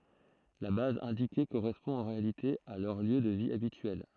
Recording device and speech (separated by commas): throat microphone, read sentence